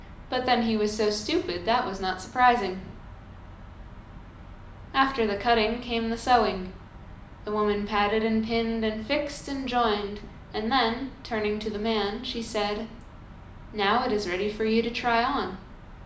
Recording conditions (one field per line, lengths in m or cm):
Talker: one person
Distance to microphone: 2.0 m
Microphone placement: close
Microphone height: 99 cm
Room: medium-sized (5.7 m by 4.0 m)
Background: none